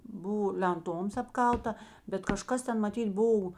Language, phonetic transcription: Lithuanian, ˈbuvo lenˈtoms apˈkalta bet kaˈžkas ˈten maˈtyt ˈbov

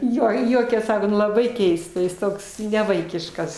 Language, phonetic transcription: Lithuanian, ˈjo ir ˈjuokias ˈsako ˈnu laˈbai ˈkeista ˈjis ˈtoks neˈvaikiškas

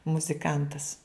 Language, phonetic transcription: Lithuanian, muziˈkantas

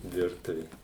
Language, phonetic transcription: Lithuanian, ˈvirtuvė

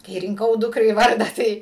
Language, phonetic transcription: Lithuanian, kai rinˈkau ˈdukrai ˈvardą ˈtai

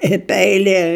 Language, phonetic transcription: Lithuanian, i ˈpeilie

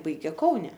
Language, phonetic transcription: Lithuanian, ˈbaigė ˈkaune

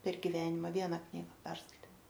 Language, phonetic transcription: Lithuanian, per giˈvenima ˈviena ˈknyga ˈperskaitė

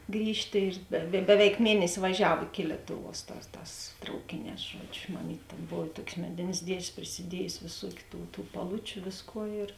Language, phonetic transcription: Lithuanian, ˈgrįžtė ir da ˈbeveik ˈmienesi vaˈžiav iki ˈlietuˌvuos ˈtās ˈtās ˈtraukėˌnēs ˈžuodžiu maˈmyt' tėn ˈbov i ˈtuok's' ˈmedėn's' ˈdiež's' prisiˈdiejusi vėˈsuokiu ˈtų tų paˈlučiu ˈvėsˌkuo ir

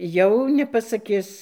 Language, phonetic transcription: Lithuanian, jau nepasaˈkis

